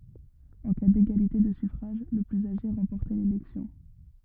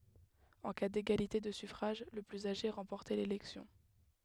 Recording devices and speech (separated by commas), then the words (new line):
rigid in-ear microphone, headset microphone, read sentence
En cas d'égalité de suffrages, le plus âgé remportait l'élection.